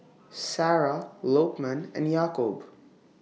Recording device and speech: mobile phone (iPhone 6), read sentence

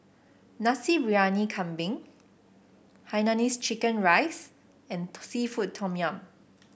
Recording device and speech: boundary microphone (BM630), read sentence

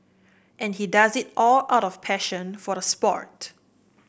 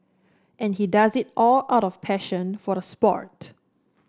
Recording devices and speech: boundary microphone (BM630), standing microphone (AKG C214), read sentence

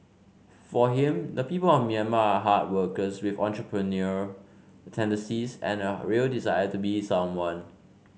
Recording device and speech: mobile phone (Samsung C5), read sentence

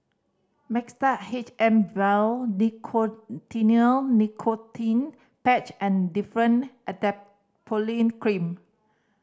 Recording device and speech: standing microphone (AKG C214), read sentence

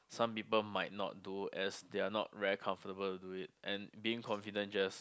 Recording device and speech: close-talking microphone, conversation in the same room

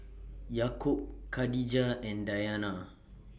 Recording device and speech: boundary microphone (BM630), read sentence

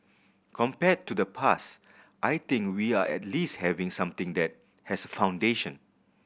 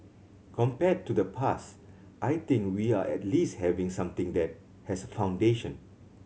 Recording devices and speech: boundary microphone (BM630), mobile phone (Samsung C7100), read sentence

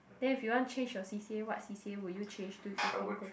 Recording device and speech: boundary microphone, conversation in the same room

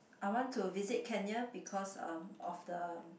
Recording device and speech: boundary microphone, conversation in the same room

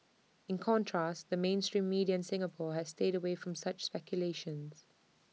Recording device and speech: mobile phone (iPhone 6), read sentence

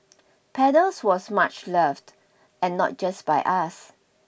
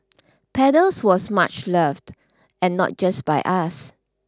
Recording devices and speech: boundary microphone (BM630), standing microphone (AKG C214), read sentence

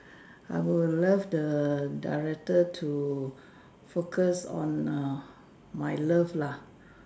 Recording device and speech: standing microphone, conversation in separate rooms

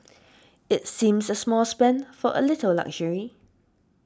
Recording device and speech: standing microphone (AKG C214), read sentence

